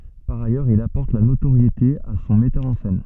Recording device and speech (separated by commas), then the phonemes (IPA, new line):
soft in-ear microphone, read sentence
paʁ ajœʁz il apɔʁt la notoʁjete a sɔ̃ mɛtœʁ ɑ̃ sɛn